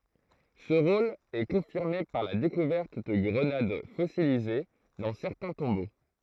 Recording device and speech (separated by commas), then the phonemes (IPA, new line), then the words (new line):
throat microphone, read sentence
sə ʁol ɛ kɔ̃fiʁme paʁ la dekuvɛʁt də ɡʁənad fɔsilize dɑ̃ sɛʁtɛ̃ tɔ̃bo
Ce rôle est confirmé par la découverte de grenades fossilisées dans certains tombeaux.